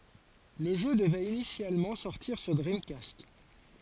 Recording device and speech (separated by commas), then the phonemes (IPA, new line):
forehead accelerometer, read sentence
lə ʒø dəvɛt inisjalmɑ̃ sɔʁtiʁ syʁ dʁimkast